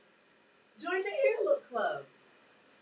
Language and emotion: English, happy